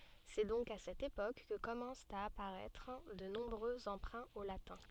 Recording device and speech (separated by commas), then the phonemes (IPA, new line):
soft in-ear microphone, read sentence
sɛ dɔ̃k a sɛt epok kə kɔmɑ̃st a apaʁɛtʁ də nɔ̃bʁø ɑ̃pʁɛ̃ o latɛ̃